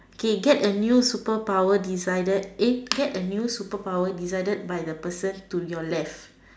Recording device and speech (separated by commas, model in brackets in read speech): standing microphone, conversation in separate rooms